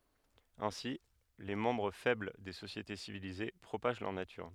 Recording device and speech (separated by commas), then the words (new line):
headset microphone, read sentence
Ainsi, les membres faibles des sociétés civilisées propagent leur nature.